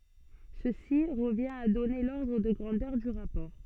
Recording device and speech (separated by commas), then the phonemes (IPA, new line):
soft in-ear microphone, read sentence
səsi ʁəvjɛ̃t a dɔne lɔʁdʁ də ɡʁɑ̃dœʁ dy ʁapɔʁ